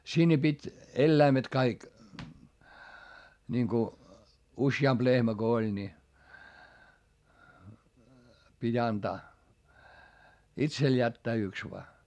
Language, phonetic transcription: Finnish, sinne pit́ , elläimet kaik , niŋku , usjamp lehmä Go oĺ ńi , pit́ ‿antaa , itsel jättää yks voa .
- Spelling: sinne piti eläimet kaikki niin kun useampi lehmä kun oli niin piti antaa itselle jättää yksi vain

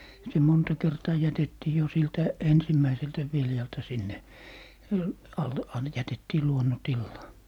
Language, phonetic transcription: Finnish, se 'monta 'kertaa 'jätettii jo siltä , "ensimmäiseltä 'viljalta sinne , alle - an - 'jätettii "luonnontillaa .
- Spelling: se monta kertaa jätettiin jo siltä ensimmäiseltä viljalta sinne - - jätettiin luonnontilaan

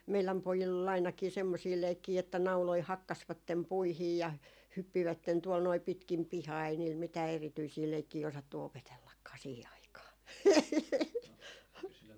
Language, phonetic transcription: Finnish, 'meiläm 'pojill ‿ol ainakii 'semmosii 'leikkii että 'nauloi "hakkasvattem 'puihii ja , 'hyppivätten tuol noi 'pitkim "pihaa ei niil mitää erityisii 'leikkii osattu 'opetellakkaa siihi 'aikaa .
- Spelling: meidän pojilla oli ainakin semmoisia leikkejä että nauloja hakkasivat puihin ja hyppivät tuolla noin pitkin pihaa ei niillä mitään erityisiä leikkejä osattu opetellakaan siihen aikaan

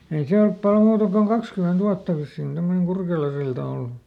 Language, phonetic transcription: Finnish, ei ˈse olp pal ˈmuuta koŋ "kakskymenˈt ‿uatta vissiin ˈsemmoneŋ ˈKurkelasilta ollu .
- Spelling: ei se ole paljon muuta kuin kaksikymmentä vuotta vissiin semmoinen Kurkelansilta ollut

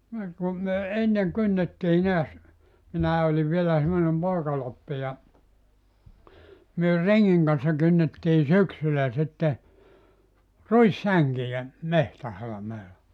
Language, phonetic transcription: Finnish, niŋ ku , myö 'enneŋ 'kynnettii neäs , 'minää oliv 'vielä semmonem "pòikaloppi ja , 'myö "reŋŋiŋ kan̬ssa 'kynnettii "syksylä sitte , "ruissäŋkijä , "mehtähalameela .
- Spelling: niin kun me ennen kynnettiin näet minä olin vielä semmoinen poikaloppi ja me rengin kanssa kynnettiin syksyllä sitten ruissänkiä metsähalmeella

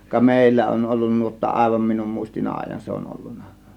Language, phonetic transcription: Finnish, ka "mèillä 'on ollun 'nuotta "ˀàėvam minum muistin "aaⁱj̆jan se on 'ollunna .
- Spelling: ka meillä on ollut nuotta aivan minun muistin ajan se on ollut

